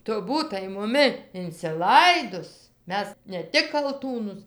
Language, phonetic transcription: Lithuanian, ˈtu ˈbūtai muˈmi inciˈlaidus ˈmes ne ˈtik kalˈtūnus

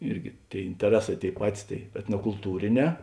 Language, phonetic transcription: Lithuanian, ˈirgi ˈtėi inteˈreˌsā ˈtėi ˈpatis tai etnokulˈtūrėˌnē

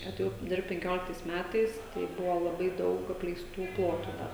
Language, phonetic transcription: Lithuanian, atėˈjau ˈdirbt penˈkioliktais ˈmætais tai ˈbuvo laˈbai ˈdaug apleisˈtų ˈplotu da

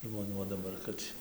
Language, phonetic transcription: Lithuanian, žmoˈnių o daˈbar ˈkad tį

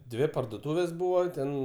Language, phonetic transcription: Lithuanian, ˈdvi pardoˈtūvės ˈbūva ˈten

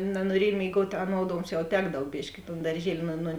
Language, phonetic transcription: Lithuanian, nanuoˈriej mėiˈguot' aˈnod ˈonksˌčiau ˈtekdav ˈbiški i ton darˈžieli nu nu

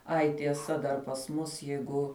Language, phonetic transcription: Lithuanian, ˈai tieˈsa dar pas ˈmus ˈjeigu

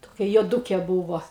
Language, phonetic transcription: Lithuanian, toˈkia juoˈdūke ˈbūvo

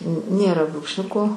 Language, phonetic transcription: Lithuanian, ˈnėra brūkšˈniuko

